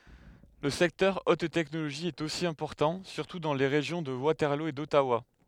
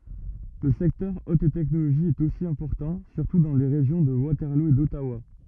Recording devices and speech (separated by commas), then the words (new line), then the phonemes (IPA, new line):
headset microphone, rigid in-ear microphone, read sentence
Le secteur haute-technologie est aussi important, surtout dans les régions de Waterloo et d'Ottawa.
lə sɛktœʁ ot tɛknoloʒi ɛt osi ɛ̃pɔʁtɑ̃ syʁtu dɑ̃ le ʁeʒjɔ̃ də watɛʁlo e dɔtawa